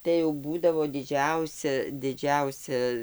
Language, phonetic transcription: Lithuanian, tai jau ˈbūdavo diˈdžiausia ˈdidžiausia

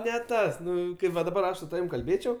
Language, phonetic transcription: Lithuanian, ne ˈtas ˈnu va daˈbar ˈaš su taˈvim kalˈbėčiau

